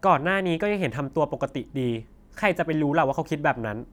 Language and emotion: Thai, frustrated